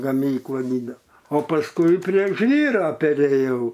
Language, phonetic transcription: Lithuanian, gaˈmykla ˈdydela o pasˈkui prie ˈžvyra peˈrėjau

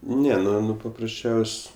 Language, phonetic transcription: Lithuanian, ˈne ˈnu ˈnu paprasˈčiaus'

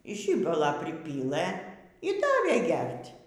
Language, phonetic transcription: Lithuanian, ˈžibala priˈpylɘ y ˈdavė ˈgert'

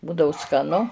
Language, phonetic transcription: Lithuanian, ˈbūdau skaˈnu

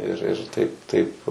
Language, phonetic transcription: Lithuanian, ir ir ˈtaip ˈtaip

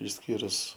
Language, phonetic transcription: Lithuanian, išˈskyrus

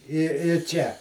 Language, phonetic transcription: Lithuanian, i i ˈčia

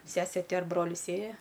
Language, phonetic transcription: Lithuanian, ˈsesė ˈti ar ˈbrolis ˈėja

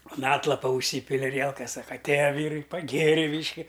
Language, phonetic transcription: Lithuanian, un ˈatlapa užˈsypili aˈrielkas ˈsaka atˈėja ˈvyrai paˈgėri ˈbyški

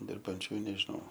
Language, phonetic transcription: Lithuanian, dirbanˈčių i nežiˈnau

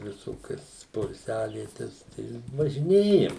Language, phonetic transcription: Lithuanian, viˈsokias poilˈsiavietes tai važiˈnėjam

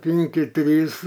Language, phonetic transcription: Lithuanian, ˈpinki ˈtrys

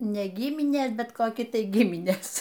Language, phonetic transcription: Lithuanian, ˈne ˈgiminės ˈbet koˈki ˈtai ˈgiminės

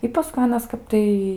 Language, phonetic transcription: Lithuanian, i paˈskui ˈanas ˈkap tai

